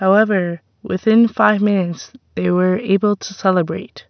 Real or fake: real